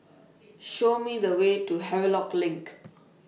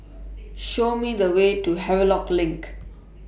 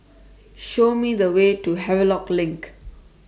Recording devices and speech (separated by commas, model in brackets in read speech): mobile phone (iPhone 6), boundary microphone (BM630), standing microphone (AKG C214), read sentence